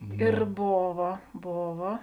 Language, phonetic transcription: Lithuanian, ir ˈbova ˈbova

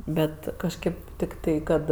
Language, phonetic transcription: Lithuanian, ˈbet kažˈkėp tikˈtai ˈkad

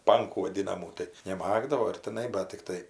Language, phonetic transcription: Lithuanian, ˈpankų vaˈdinamų tai neˈmagdavo ir tiˈnai bat tikˈtai

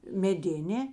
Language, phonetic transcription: Lithuanian, meˈdinė

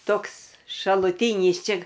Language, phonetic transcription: Lithuanian, ˈtoks šaluˈtynys ˈčia

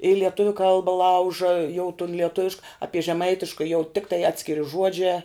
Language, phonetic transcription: Lithuanian, i lieˈtuviu ˈkalba ˈlauža jau tun lieˈtuvišk ˈapie žeˈmaitiška jau ˈtiktai ˈatskiri ˈžuodžiā

